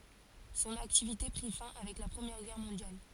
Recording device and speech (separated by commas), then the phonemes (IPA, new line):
forehead accelerometer, read sentence
sɔ̃n aktivite pʁi fɛ̃ avɛk la pʁəmjɛʁ ɡɛʁ mɔ̃djal